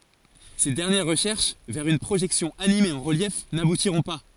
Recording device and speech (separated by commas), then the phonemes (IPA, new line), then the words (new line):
forehead accelerometer, read sentence
se dɛʁnjɛʁ ʁəʃɛʁʃ vɛʁ yn pʁoʒɛksjɔ̃ anime ɑ̃ ʁəljɛf nabutiʁɔ̃ pa
Ces dernières recherches vers une projection animée en relief n'aboutiront pas.